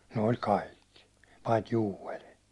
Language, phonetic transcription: Finnish, ne oĺ "kaikki , pait "Jywel .
- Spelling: ne oli kaikki paitsi Joel

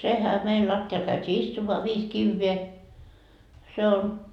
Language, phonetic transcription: Finnish, 'sehä meil 'latti₍al käyt́ii 'istummoa 'viis 'kivvee , 'se on ,.
- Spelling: sehän meillä lattialle käytiin istumaan viisi kiveä se on

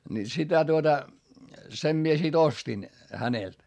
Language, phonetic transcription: Finnish, ni sitä tuota , sem mie sit ‿ostin , hänelt .
- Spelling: niin sitä tuota sen minä sitten ostin häneltä

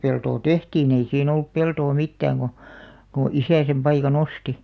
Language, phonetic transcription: Finnish, 'peltoo "tehtiin ‿ei 'siin ‿ollup 'peltoo "mittääŋ ɢo , ko "isä sem 'paika"n ‿osti .
- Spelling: peltoa tehtiin ei siinä ollut peltoa mitään kun kun isä sen paikan osti

